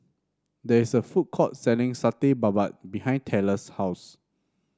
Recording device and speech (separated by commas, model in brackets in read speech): standing microphone (AKG C214), read sentence